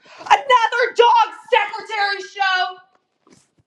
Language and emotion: English, angry